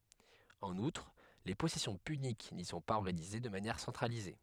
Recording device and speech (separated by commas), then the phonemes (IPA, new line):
headset microphone, read sentence
ɑ̃n utʁ le pɔsɛsjɔ̃ pynik ni sɔ̃ paz ɔʁɡanize də manjɛʁ sɑ̃tʁalize